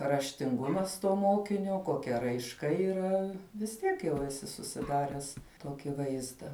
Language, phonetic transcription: Lithuanian, raštinˈgumas to ˈmokinio koˈkia raišˈka yˈra vis ˈtiek jau eˈsi susiˈdares ˈtoki ˈvaizda

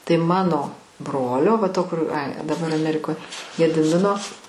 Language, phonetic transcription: Lithuanian, tai ˈmano ˈbrolio va ˈto kur ai daˈbar aˈmerikoj gediˈmino

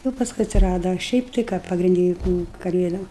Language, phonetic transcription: Lithuanian, jūu pasˈkui atsiˈrada a ˈšiaip tai ˈką pagrinˈdi juk ˈnu kaˈlėdom

